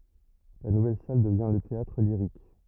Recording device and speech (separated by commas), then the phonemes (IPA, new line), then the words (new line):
rigid in-ear microphone, read sentence
la nuvɛl sal dəvjɛ̃ lə teatʁliʁik
La nouvelle salle devient le Théâtre-Lyrique.